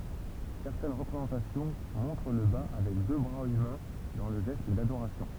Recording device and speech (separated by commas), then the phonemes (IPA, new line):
temple vibration pickup, read sentence
sɛʁtɛn ʁəpʁezɑ̃tasjɔ̃ mɔ̃tʁ lə ba avɛk dø bʁaz ymɛ̃ dɑ̃ lə ʒɛst dadoʁasjɔ̃